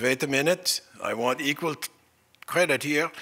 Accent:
in German accent